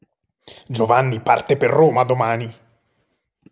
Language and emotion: Italian, angry